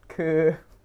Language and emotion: Thai, sad